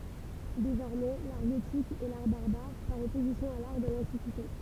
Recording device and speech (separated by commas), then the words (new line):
temple vibration pickup, read sentence
Désormais, l’art gothique est l’art barbare par opposition à l’art de l’Antiquité.